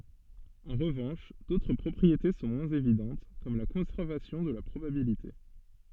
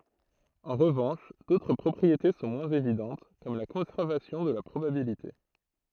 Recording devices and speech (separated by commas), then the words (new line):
soft in-ear microphone, throat microphone, read sentence
En revanche, d'autres propriétés sont moins évidentes, comme la conservation de la probabilité.